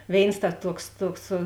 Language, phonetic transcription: Lithuanian, ˈvėins ta ˈtuoks ˈtuoks

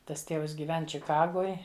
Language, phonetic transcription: Lithuanian, ˈtas ˈtėvs gyˈven čiˈkagoj

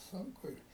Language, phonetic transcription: Lithuanian, ˈsunku i

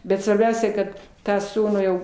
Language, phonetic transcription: Lithuanian, bet svarˈbiausia kad ˈtą ˈsūnų jau

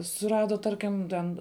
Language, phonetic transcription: Lithuanian, suˈrada ˈtarkim ˈten

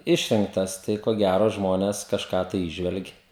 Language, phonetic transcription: Lithuanian, ˈišrinktas ˈtai ko ˈgæro ˈžmones kažˈką tai ˈįžvelgi

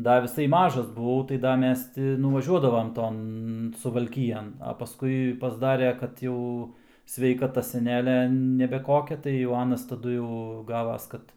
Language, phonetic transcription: Lithuanian, ˈda viˈsai ˈmažas buˈvau tai ˈda ˈmes ˈti nuvaˈžiuodavam ˈton suvalˈkijan a paˈskui pasˈdare kad ˈjau sveikaˈta seˈnelia nebe ˈkokia tai jau ˈanas taˈdu jau ˈgavas ˈkad

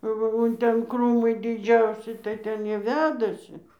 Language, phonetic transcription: Lithuanian, ˈva o ˈten ˈkrūmai diˈdžiausi tai ˈten ˈjie ˈvedasi

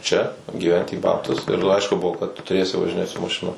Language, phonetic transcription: Lithuanian, čia gyˈventi į ˈbabtus ir ˈaišku ˈbuvo kad tu tuˈrėsi važiˈnėt su maˈšinom

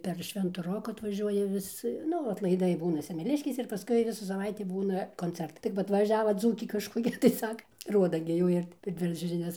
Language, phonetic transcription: Lithuanian, per ˈšventu ˈroku atvaˈžiuoja ˈvis ˈnu atlaiˈdai ˈbūna semeˈliškėse ir paˈskui ˈvisų saˈvaitį ˈbūna konˈcertai tai kap atvaˈžiava ˈdzūkė kažkoˈkia tai ˈsaka ˈruoda gi ˈjų ir per ˈdviračio žiˈnias

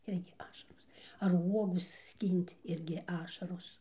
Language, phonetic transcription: Lithuanian, ˈirgi ˈašaros ar ˈuogu ˈskyn't' ˈirgi ˈašaros

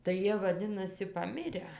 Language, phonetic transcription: Lithuanian, tai ˈjie vaˈdinasi paˈmirę

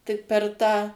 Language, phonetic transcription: Lithuanian, tik per ˈtą

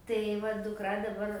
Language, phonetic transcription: Lithuanian, tai ˈva dukˈra daˈbar

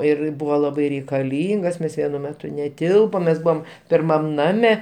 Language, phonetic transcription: Lithuanian, ir ˈbuvo ˈlabai reikaˈlyngas ˈmes ˈvienu ˈmetu neˈtilpom mes ˈbuvom pirˈmam ˈname

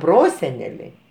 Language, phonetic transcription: Lithuanian, ˈproseneliai

